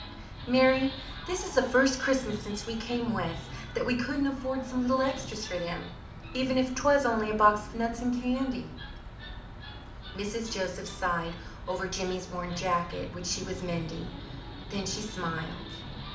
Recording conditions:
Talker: one person; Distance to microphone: 2.0 m; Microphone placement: close; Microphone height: 99 cm; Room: medium-sized (5.7 m by 4.0 m); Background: television

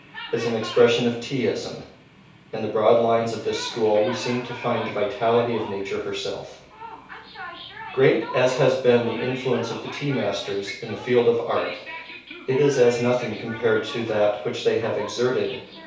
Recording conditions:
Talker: one person; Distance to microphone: 3.0 m; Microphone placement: far; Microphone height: 1.8 m; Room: small (3.7 m by 2.7 m); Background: television

